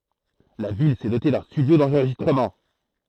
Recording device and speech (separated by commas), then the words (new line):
throat microphone, read sentence
La ville s’est dotée d’un studio d’enregistrement.